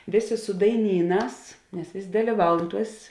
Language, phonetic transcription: Lithuanian, ˈvėˌsė su daiˈnyˌnās nes ˈvės' dalyˈvaun ˈtuos

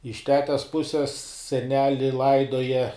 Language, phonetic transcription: Lithuanian, iš ˈtetes ˈpuses seˈneli ˈlaidoja

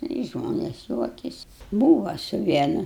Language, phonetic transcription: Lithuanian, ˈnu i ˈžmones ˈjuokiasi ˈbūva su ˈvienu

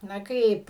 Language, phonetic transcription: Lithuanian, na ˈkaip

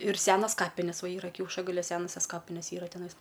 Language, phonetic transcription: Lithuanian, ir ˈsenas ˈkapines ˈva ˈyra kiaušagaliu ˈsenasias ˈkapines ˈyra teˈnais

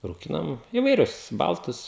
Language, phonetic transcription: Lithuanian, rūˈkinam įvaiˈrius ˈbaltus

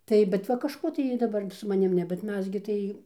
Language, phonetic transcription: Lithuanian, ˈtai bet ˈva kažˈko tai ˈjy daˈbar su maˈnim ˈne bet ˈmes gi tai

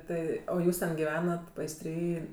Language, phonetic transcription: Lithuanian, ˈtai o ˈjūs ten giˈvenat paisˈtry

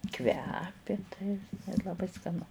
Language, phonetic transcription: Lithuanian, ˈkvepi tai i laˈbai skaˈnu

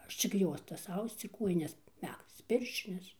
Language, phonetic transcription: Lithuanian, ˈaš čik ˈjuostas ˈausc ir ˈkuojines ˈmægzc ˈpirščines

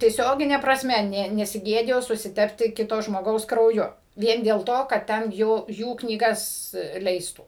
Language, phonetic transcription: Lithuanian, tieˈsiogine prasˈme ˈne nesiˈgėdijo susiˈtepti ˈkito žmoˈgaus krauˈju ˈvien dėl ˈto kad ˈten ˈjų ˈjų knyˈgas ˈleistų

